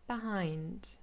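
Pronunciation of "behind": In 'behind', the h sound is very, very soft and very breathy, and almost sounds a little like a vowel.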